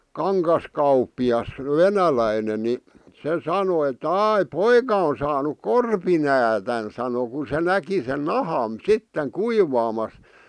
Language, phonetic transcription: Finnish, 'kaŋkaskaup̆pi₍as , "venäläinen ni , se 'sano ettᵃ̈ » "ài , "poika on saanuk "korpinäätän « sano ku se 'näki sen "nahàn 'sitteŋ "kuivaamas .
- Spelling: kangaskauppias venäläinen niin se sanoi että ai poika on saanut korpinäädän sanoi kun se näki sen nahan sitten kuivaamassa

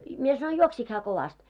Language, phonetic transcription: Finnish, mie sanoi » "juoksik hää kovast ? «
- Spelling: minä sanoin juoksiko hän kovasti

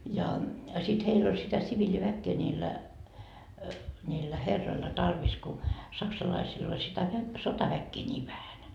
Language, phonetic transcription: Finnish, ja , sit 'heill ‿oĺ sitä 'siviĺiväkkee ńiillä , ńiillä "herroilla tarvis ku , 'saksalaisil ‿ol sitä vä- , 'sotaväkkee ńiiv vähän .
- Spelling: ja sitten heillä oli sitä siviiliväkeä niillä niillä herroilla tarvis kun saksalaisilla oli sitä - sotaväkeä niin vähän

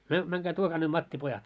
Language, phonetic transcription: Finnish, myö , 'mäŋkää 'tuokaa ne 'mattipojat .
- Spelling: me menkää tuokaa ne mattipojat

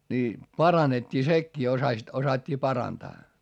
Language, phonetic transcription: Finnish, ni , paranet́t́ii sekkii osasit , osat́t́ii parantaa .
- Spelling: niin parannettiin sekin osasivat osattiin parantaa

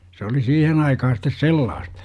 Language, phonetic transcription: Finnish, se oli 'siihen aikaha sit̆tes "sellaast- .
- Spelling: se oli siihen aikaan sitten sellaista

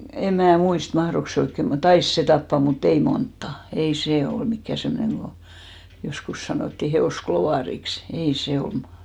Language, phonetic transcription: Finnish, 'em mää 'muist , 'mahrok se 'oikke (mut) , "tais se 'tappa mu't ‿ei "monttà , 'ei "sè ol 'mikkä̀ 'semmᵒneŋ ɢo joskus 'sanòtti 'he₍òs"klovàriks , 'ei se 'omᴀ .
- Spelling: en minä muista mahtoiko se oikein mutta taisi se tappaa mutta ei montaa ei se ollut mikään semmoinen kun joskus sanottiin hevosklovariksi ei se oma

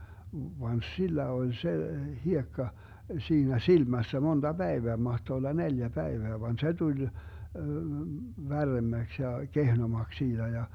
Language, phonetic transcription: Finnish, van 'sillä oĺ 'se , 'hiekka , 'siinä "silmässä 'monDa 'Bäeveä , 'mahto olla "neljä 'päeveä van 'se 'tuĺ , 'värremmäks ja 'kehnomaks 'siiDä ja .
- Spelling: vaan sillä oli se hiekka siinä silmässä monta päivää mahtoi olla neljä päivää vaan se tuli värremmäksi ja kehnommaksi siitä ja

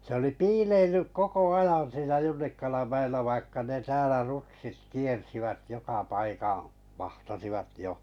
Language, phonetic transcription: Finnish, se oli "piileillyk "koko 'ajan siinä 'Junnikalam 'mä₍ellä vaikka ne 'täälä "rutsit 'kiersivät 'joka "paikaa̰ , 'vahtasivat 'jo .
- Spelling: se oli piileillyt koko ajan siinä Junnikalan mäellä vaikka ne täällä rutsit kiersivät joka paikan vahtasivat jo

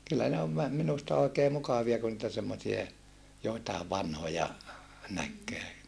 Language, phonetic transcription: Finnish, kyllä ne ov vä- , minusta oikee mukavia ku niitä semmosie , joitaev vanhoja , näkkee .
- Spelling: kyllä ne on - minusta oikein mukavia kun niitä semmoisia joitakin vanhoja näkee

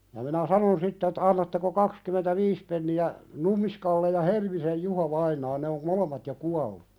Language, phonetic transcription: Finnish, ja minä "sanon sitt ‿ettᴀ̈ » annatteko 'kakskymentä"viis penni₍ä ? « 'ɴummiskalle ja 'Helmisej "Júho'vainaa ne om "molemmat jo 'kuallu .
- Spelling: ja minä sanoin sitten että annatteko kaksikymmentäviisi penniä Nummiskalle ja Helmisen Juhovainaalle ne on molemmat jo kuolleet

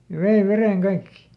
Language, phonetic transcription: Finnish, ja ˈvei "vereŋ "kaikki .
- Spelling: ja vei veden kaikki

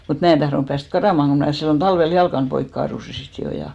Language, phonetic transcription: Finnish, mut 'mää en tahronᵘp 'pääst "karàmaŋ ko mnä̀ sillon 'talvel "jalkan 'poik kaarusi 'sit 'jo ja .
- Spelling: mutta minä en tahtonut päästä karkaamaan kun minä silloin talvella jalkani poikki kaaduin sitten jo ja

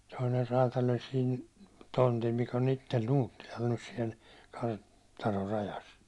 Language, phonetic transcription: Finnish, 'toiner raatal ‿oĺ siin , 'tontil mikᵃ̈ on ‿ittel 'Nuuttilal nys siɛl , 'kar- , -tanor 'rajas .
- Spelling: toinen räätäli oli siinä tontilla mikä on itse Nuuttilalla nyt siellä - kartanon rajassa

